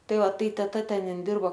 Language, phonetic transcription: Lithuanian, ˈtai ˈva ˈtai teˈta ˈten ˈin ˈdirbo

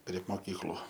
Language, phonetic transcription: Lithuanian, prie moˈkyklu

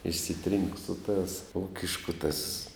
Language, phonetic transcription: Lithuanian, išsiˈtrynk su tās ˈūkišku tas

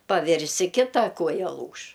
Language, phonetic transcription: Lithuanian, paˈvirsi ˈkita ˈkuoja ˈlūš

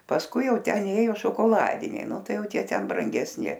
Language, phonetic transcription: Lithuanian, pasˈkui ˈjau ˈten ˈėjo šokoˈladiniai ˈnu ˈtai ˈjau ˈtie ten brangesˈni

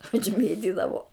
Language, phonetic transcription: Lithuanian, užˈmėtidavo

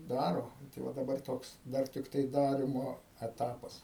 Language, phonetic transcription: Lithuanian, ˈdaro ˈnu tai ˈva daˈbar ˈtoks ˈdar tikˈtai ˈdarimo eˈtapas

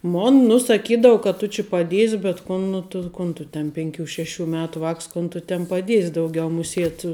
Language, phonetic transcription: Lithuanian, ˈmon nu saˈkydavu ka tu či paˈdies' bet ˈkun nu tu ˈkun tu ten penˈkių ˈšeˌšių ˈmetu ˈvāks ˈkon tu tin paˈdies' dauˈgiau muˈsiet

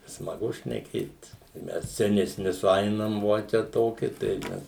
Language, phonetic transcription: Lithuanian, smaˈgu šneˈkėt i ˈmes seneˈsni suˈainam ˈvo čia ˈtoki tai ˈmes

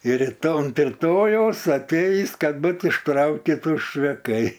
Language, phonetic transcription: Lithuanian, ir riˈto unt riˈtojaus atˈeis ˈkad ˈbut išˈtraukitu ščveˈkai

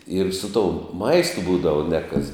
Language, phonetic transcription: Lithuanian, ir su toum ˈmaistu ˈbūdava ne kas

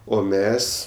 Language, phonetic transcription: Lithuanian, o ˈmes

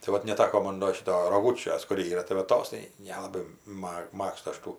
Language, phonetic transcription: Lithuanian, tai ˈvat neˈtako ˈmon do ˈšito roˈgučios kur ˈyra tai va ˈtos tai ˈnelabai ˈmag ˈmagstu ˈaš ˈtų

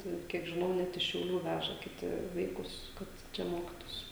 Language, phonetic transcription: Lithuanian, ˈtai ˈkiek žiˈnau ˈnet iš šiauˈlių ˈvæža kiˈti ˈvaikus kad ˈčia ˈmokitųsi

